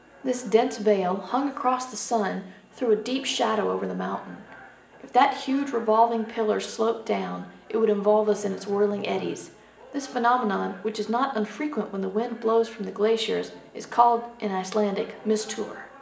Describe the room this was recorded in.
A spacious room.